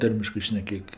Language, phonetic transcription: Lithuanian, ˈtarmiškɜ šneˈkėk

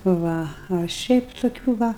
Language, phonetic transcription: Lithuanian, ˈva a ˈšiaip toˈkių ˈva

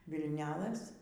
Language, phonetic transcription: Lithuanian, vilˈnelɘs

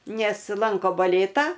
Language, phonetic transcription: Lithuanian, ˈnes ˈlanko baˈlėtą

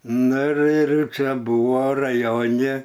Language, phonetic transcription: Lithuanian, ˈnu ir ir ˈčia ˈbuvo raˈjone

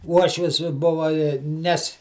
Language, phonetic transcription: Lithuanian, ˈuošvis ˈbuva i ˈnes

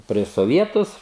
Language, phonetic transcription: Lithuanian, prieš soˈvietus

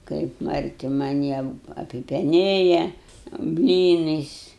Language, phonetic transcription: Lithuanian, kaip marˈti maˈnį ap apipeˈnėja ˈblynais

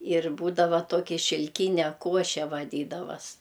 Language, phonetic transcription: Lithuanian, ir ˈbūdava ˈtoki šilˈkyne ˈkuoše vaˈdydavas

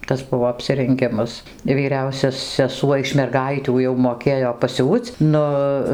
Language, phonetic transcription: Lithuanian, ˈtas ˈbuvo apsirenˈgimas vyˈriausia seˈsuo iš merˈgaitių jau moˈkėjo paˈsiūc ˈnu

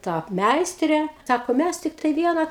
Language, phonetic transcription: Lithuanian, ˈta ˈmeistrė ˈsako ˈmæs ˈtiktai ˈviena

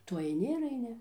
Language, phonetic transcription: Lithuanian, ˈtu aiˈni ir aiˈni

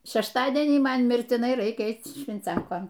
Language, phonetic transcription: Lithuanian, šešˈtadienį ˈman mirtiˈnai ˈraikia ˈeic švinˈciankon

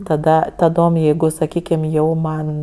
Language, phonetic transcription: Lithuanian, taˈda taˈdom ˈjeigu saˈkykim ˈjau ˈman

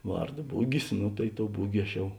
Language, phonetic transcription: Lithuanian, ˈvarˌdo ˈbugis ˈnu tai ˈtou ˈbugi aš ˈjau

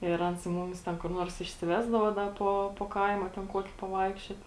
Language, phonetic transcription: Lithuanian, ir ˈans ˈmumis ˈten kur ˈnuors išsiˈvesdavo ˈda po po ˈkaima ten ˈkuoki paˈvaikščiot

